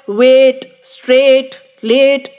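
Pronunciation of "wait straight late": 'Wait', 'straight' and 'late' are pronounced incorrectly here.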